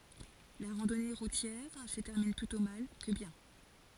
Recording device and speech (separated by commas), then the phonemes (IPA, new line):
forehead accelerometer, read sentence
la ʁɑ̃dɔne ʁutjɛʁ sə tɛʁmin plytɔ̃ mal kə bjɛ̃